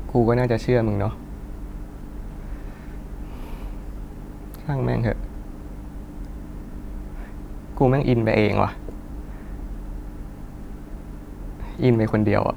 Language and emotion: Thai, frustrated